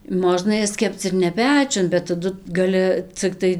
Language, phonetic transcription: Lithuanian, ˈmožna ˈjas ˈkepc ir ne ˈpečiun bet taˈdu gaˈli cikˈtai

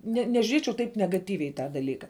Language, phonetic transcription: Lithuanian, ne nežiuˈriečiau ˈtaip negaˈtyviai i ˈtą daˈlyka

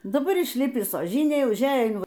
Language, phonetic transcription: Lithuanian, daˈbar išˈlipis oˈžinėj užˈeja in

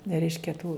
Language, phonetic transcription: Lithuanian, ne ˈreiškia tų

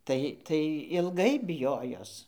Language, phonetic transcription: Lithuanian, ˈtai ˈtai ilˈgai biˈjojos

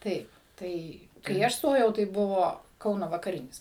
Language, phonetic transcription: Lithuanian, ˈtaip ˈtai kai ˈaš ˈstojau tai ˈbuvo ˈkauno vakaˈrinis

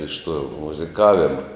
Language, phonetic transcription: Lithuanian, iš tuo muziˈkavima

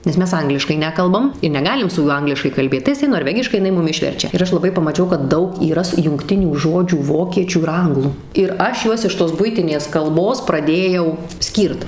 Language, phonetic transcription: Lithuanian, nes ˈmes ˈangliškai ˈnekalbam i neˈgalim su ˈjuo ˈangliškai kalˈbėt tai jiˈsai norˈvegiškai iˈnai ˈmum ˈišverčia ir ˈaš laˈbai pamaˈčiau kad ˈdaug yˈras jungˈtinių ˈžodžių ˈvokiečių ir ˈanglų ir ˈaš ˈjuos iš tos ˈbuitinės ˈkalbos praˈdėjau ˈskyrt

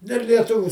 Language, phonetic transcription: Lithuanian, del lieˈtuviu

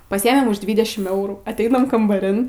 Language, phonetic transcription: Lithuanian, paˈsyemėm už ˈdvydešim ˈeurų atˈeinam kambaˈrin

